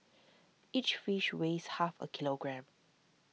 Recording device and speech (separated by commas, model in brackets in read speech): mobile phone (iPhone 6), read sentence